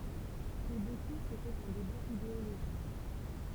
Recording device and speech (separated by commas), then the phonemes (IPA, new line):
temple vibration pickup, read sentence
puʁ boku setɛt œ̃ deba ideoloʒik